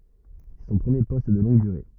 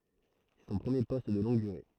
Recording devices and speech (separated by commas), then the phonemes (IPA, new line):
rigid in-ear microphone, throat microphone, read sentence
sɛ sɔ̃ pʁəmje pɔst də lɔ̃ɡ dyʁe